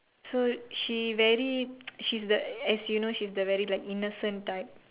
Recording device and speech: telephone, conversation in separate rooms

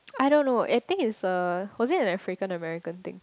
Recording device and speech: close-talking microphone, conversation in the same room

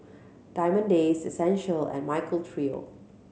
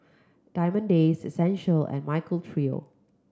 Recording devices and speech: mobile phone (Samsung C7100), close-talking microphone (WH30), read sentence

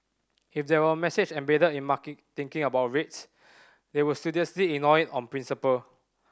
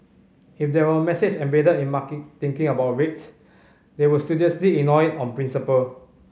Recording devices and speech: standing microphone (AKG C214), mobile phone (Samsung C5010), read sentence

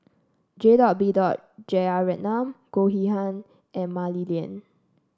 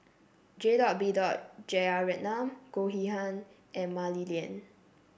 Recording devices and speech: standing microphone (AKG C214), boundary microphone (BM630), read sentence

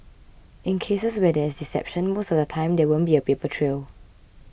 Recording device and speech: boundary microphone (BM630), read sentence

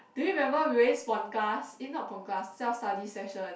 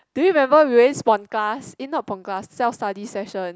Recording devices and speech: boundary microphone, close-talking microphone, conversation in the same room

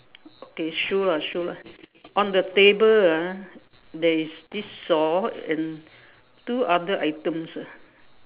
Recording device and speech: telephone, conversation in separate rooms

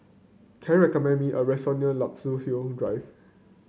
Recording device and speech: mobile phone (Samsung C9), read sentence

